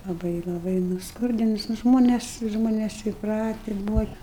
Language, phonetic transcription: Lithuanian, laˈbai laˈbai nusˈkurdinus nu ˈžmones ˈžmones įpˈrati ˈbūva

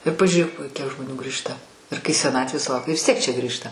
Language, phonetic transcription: Lithuanian, ir pažiūˈrėk kiek žmoˈnių ˈgrįžta ir kai seˈnatvės suˈlaukia vis tiek čia ˈgrįžta

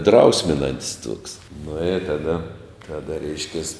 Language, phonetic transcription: Lithuanian, ˈdrausminant's' tuoks nu i taˈda taˈda ˈreiškias

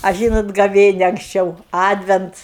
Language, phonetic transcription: Lithuanian, a ˈžynot gaˈvėnia anksˈčiau ˈadvents

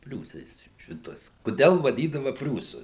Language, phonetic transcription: Lithuanian, ˈpriūsais ˈšituos kuˈdel vaˈdydava ˈpriūsu

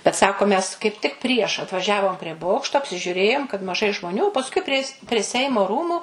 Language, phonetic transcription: Lithuanian, bet ˈsako mes kaip tik prieš atvaˈžiavom prie ˈbokšto apsižiuˈrėjom kad maˈžai žmoˈnių pasˈkui prie prie ˈseimo ˈrūmu

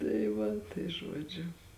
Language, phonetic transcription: Lithuanian, tai ˈva tai ˈžuodžiu

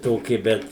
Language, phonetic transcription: Lithuanian, ˈtoki ˈbet

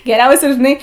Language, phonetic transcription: Lithuanian, geˈriausia žiˈnai

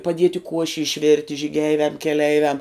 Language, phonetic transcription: Lithuanian, paˈdieti ˈkuoši išˈvirti žyˈgeiviam keˈleiviam

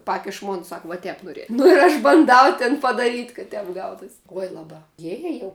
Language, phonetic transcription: Lithuanian, ˈpakiš ˈmon ˈsak va ˈtep noˈrie ˈnu ir aš banˈdau tin padaˈryt' ka ˈtep ˈgautus' ˈuoj laˈba ˈjie jie jau

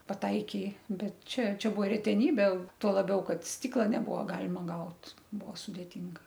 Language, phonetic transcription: Lithuanian, paˈtaikė ˈbet ˈčia ˈčia ˈbuo reteˈnybė ˈtuo laˈbiau ˈkad ˈstykla neˈbuvo ˈgalima ˈgaut ˈbuo sudėˈtinga

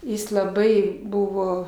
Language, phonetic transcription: Lithuanian, ˈjis laˈbai ˈbuvo

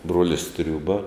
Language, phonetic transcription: Lithuanian, ˈbruolis ˈtriūba

